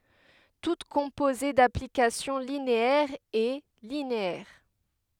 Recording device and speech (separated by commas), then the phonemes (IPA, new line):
headset microphone, read sentence
tut kɔ̃poze daplikasjɔ̃ lineɛʁz ɛ lineɛʁ